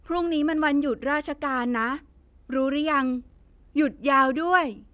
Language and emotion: Thai, happy